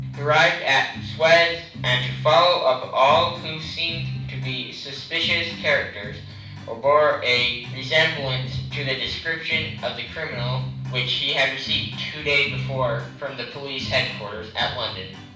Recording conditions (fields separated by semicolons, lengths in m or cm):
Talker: one person; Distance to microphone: 5.8 m; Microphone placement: far; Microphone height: 1.8 m; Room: medium-sized (5.7 m by 4.0 m); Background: music